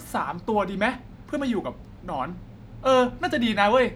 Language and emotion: Thai, happy